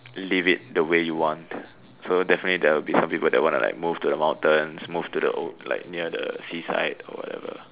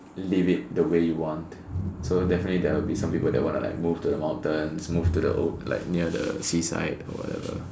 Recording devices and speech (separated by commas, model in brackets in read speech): telephone, standing microphone, conversation in separate rooms